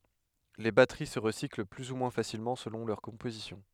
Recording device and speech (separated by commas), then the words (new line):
headset microphone, read sentence
Les batteries se recyclent plus ou moins facilement selon leur composition.